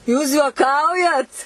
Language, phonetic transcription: Lithuanian, jūs juoˈkaujat

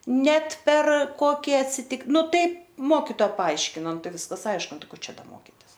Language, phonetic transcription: Lithuanian, ˈnet per ˈkoki atˈsitik ˈnu ˈtaip ˈmokitoa paˈaiškina ˈnu ˈtai ˈviskas ˈaišku ˈnu ˈko ˈčia ˈda ˈmokitis

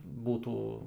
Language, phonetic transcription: Lithuanian, ˈbūtų

